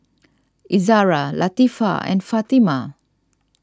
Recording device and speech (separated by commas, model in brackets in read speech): standing microphone (AKG C214), read sentence